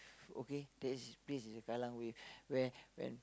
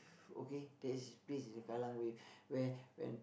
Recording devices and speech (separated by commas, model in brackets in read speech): close-talking microphone, boundary microphone, conversation in the same room